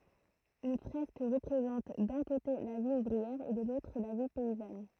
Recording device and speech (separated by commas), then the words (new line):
throat microphone, read sentence
Une fresque représente d'un côté la vie ouvrière et de l'autre la vie paysanne.